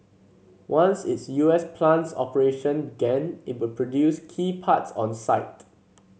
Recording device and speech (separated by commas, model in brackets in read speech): mobile phone (Samsung C7), read sentence